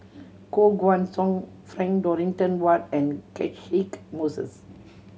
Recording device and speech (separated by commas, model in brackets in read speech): mobile phone (Samsung C7100), read sentence